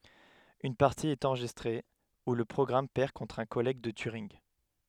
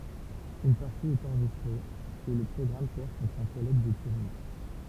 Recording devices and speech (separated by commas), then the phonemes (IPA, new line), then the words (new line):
headset microphone, temple vibration pickup, read sentence
yn paʁti ɛt ɑ̃ʁʒistʁe u lə pʁɔɡʁam pɛʁ kɔ̃tʁ œ̃ kɔlɛɡ də tyʁinɡ
Une partie est enregistrée, où le programme perd contre un collègue de Turing.